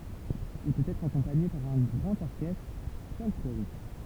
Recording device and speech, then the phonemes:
temple vibration pickup, read sentence
il pøt ɛtʁ akɔ̃paɲe paʁ œ̃ ɡʁɑ̃t ɔʁkɛstʁ fɔlkloʁik

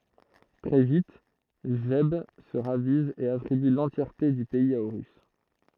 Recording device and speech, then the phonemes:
throat microphone, read sentence
tʁɛ vit ʒɛb sə ʁaviz e atʁiby lɑ̃tjɛʁte dy pɛiz a oʁys

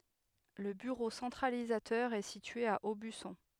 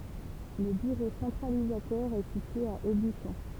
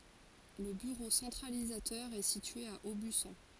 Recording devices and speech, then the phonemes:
headset microphone, temple vibration pickup, forehead accelerometer, read sentence
lə byʁo sɑ̃tʁalizatœʁ ɛ sitye a obysɔ̃

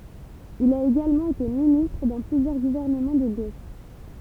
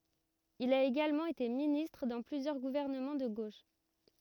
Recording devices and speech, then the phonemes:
temple vibration pickup, rigid in-ear microphone, read sentence
il a eɡalmɑ̃ ete ministʁ dɑ̃ plyzjœʁ ɡuvɛʁnəmɑ̃ də ɡoʃ

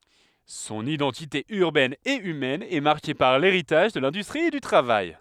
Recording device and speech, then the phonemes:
headset microphone, read sentence
sɔ̃n idɑ̃tite yʁbɛn e ymɛn ɛ maʁke paʁ leʁitaʒ də lɛ̃dystʁi e dy tʁavaj

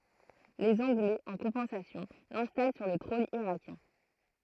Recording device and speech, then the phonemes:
throat microphone, read sentence
lez ɑ̃ɡlɛz ɑ̃ kɔ̃pɑ̃sasjɔ̃ lɛ̃stal syʁ lə tʁɔ̃n iʁakjɛ̃

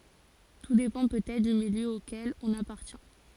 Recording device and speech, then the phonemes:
forehead accelerometer, read sentence
tu depɑ̃ pøtɛtʁ dy miljø okɛl ɔ̃n apaʁtjɛ̃

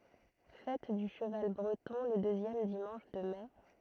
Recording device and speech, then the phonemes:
throat microphone, read sentence
fɛt dy ʃəval bʁətɔ̃ lə døzjɛm dimɑ̃ʃ də mɛ

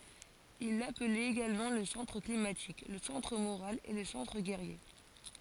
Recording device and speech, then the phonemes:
forehead accelerometer, read sentence
il laplɛt eɡalmɑ̃ lə sɑ̃tʁ klimatik lə sɑ̃tʁ moʁal e lə sɑ̃tʁ ɡɛʁje

